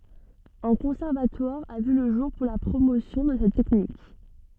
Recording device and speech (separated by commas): soft in-ear microphone, read sentence